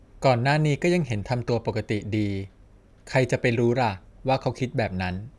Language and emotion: Thai, neutral